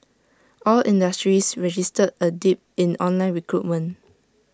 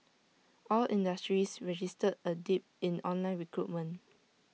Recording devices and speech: standing microphone (AKG C214), mobile phone (iPhone 6), read sentence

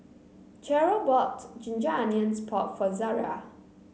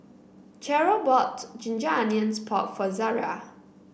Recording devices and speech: mobile phone (Samsung C9), boundary microphone (BM630), read sentence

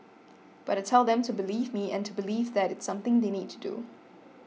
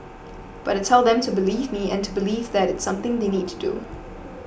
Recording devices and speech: mobile phone (iPhone 6), boundary microphone (BM630), read sentence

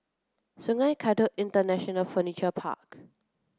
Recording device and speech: close-talking microphone (WH30), read sentence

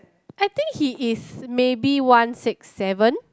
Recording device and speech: close-talking microphone, conversation in the same room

